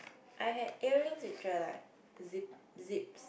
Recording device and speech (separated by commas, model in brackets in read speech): boundary microphone, conversation in the same room